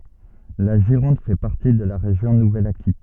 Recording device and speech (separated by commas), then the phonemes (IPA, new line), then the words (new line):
soft in-ear microphone, read sentence
la ʒiʁɔ̃d fɛ paʁti də la ʁeʒjɔ̃ nuvɛl akitɛn
La Gironde fait partie de la région Nouvelle-Aquitaine.